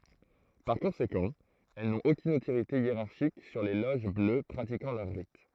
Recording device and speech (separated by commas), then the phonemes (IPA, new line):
throat microphone, read sentence
paʁ kɔ̃sekɑ̃ ɛl nɔ̃t okyn otoʁite jeʁaʁʃik syʁ le loʒ blø pʁatikɑ̃ lœʁ ʁit